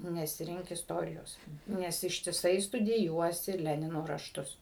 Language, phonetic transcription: Lithuanian, nesiˈrink isˈtorijos ˈnes ištiˈsai studiˈjuosi ˈlenino rašˈtus

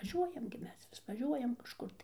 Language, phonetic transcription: Lithuanian, vaˈžiuojam gi ˈmes vis vaˈžiuojam kažˈkur tai

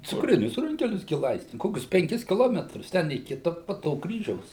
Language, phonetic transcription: Lithuanian, cukˈrinius ˈrunkelius ˈgi ˈlaisti ˈkokius penˈkis kiˈlometrus ˈten į ˈkita po ˈto ˈkryžiaus

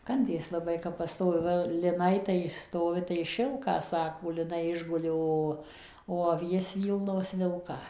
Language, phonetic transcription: Lithuanian, ˈkandės laˈbai kap paˈstovi ˈva liˈnai tai išˈstovi tai ˈšilką ˈsako liˈnai ˈišguli ˈo o aˈvies ˈvylnos ˈvilką

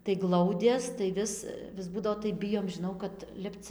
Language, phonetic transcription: Lithuanian, tai ˈglaudės tai ˈvis vis ˈbūdavo tai ˈbijom žiˈnau kad ˈlipc

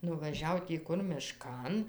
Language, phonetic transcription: Lithuanian, nuvaˈžiau tį ˈkur miˈškan

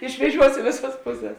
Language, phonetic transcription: Lithuanian, išveˈžiuos i ˈvėˌsas ˈpuˌses

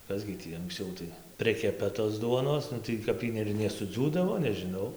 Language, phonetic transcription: Lithuanian, ˈkas gi ˈtį anksˈciau tai ˈprikepa tos ˈduonos tai kap ˈy ir nesuˈdziūdavo nežiˈnau

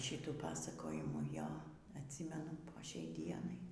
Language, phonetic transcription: Lithuanian, ˈšytų ˈpasakojimų ˈjo atˈsymenu po ˈšiai ˈdienai

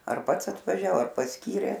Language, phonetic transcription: Lithuanian, ar ˈpats atvaˈžiao ar pasˈkyrė

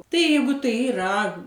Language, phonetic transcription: Lithuanian, ˈtai ˈjeigu ˈtai iˈra

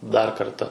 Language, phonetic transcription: Lithuanian, dar ˈkarta

